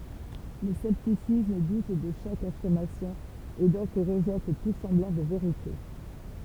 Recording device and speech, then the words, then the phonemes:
temple vibration pickup, read sentence
Le scepticisme doute de chaque affirmation, et donc rejette tout semblant de “vérité”.
lə sɛptisism dut də ʃak afiʁmasjɔ̃ e dɔ̃k ʁəʒɛt tu sɑ̃blɑ̃ də veʁite

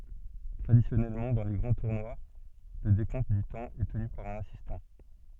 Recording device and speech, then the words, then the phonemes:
soft in-ear microphone, read sentence
Traditionnellement, dans les grands tournois, le décompte du temps est tenu par un assistant.
tʁadisjɔnɛlmɑ̃ dɑ̃ le ɡʁɑ̃ tuʁnwa lə dekɔ̃t dy tɑ̃ ɛ təny paʁ œ̃n asistɑ̃

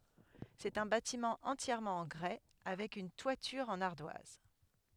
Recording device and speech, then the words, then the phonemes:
headset microphone, read sentence
C'est un bâtiment entièrement en grès, avec une toiture en ardoise.
sɛt œ̃ batimɑ̃ ɑ̃tjɛʁmɑ̃ ɑ̃ ɡʁɛ avɛk yn twatyʁ ɑ̃n aʁdwaz

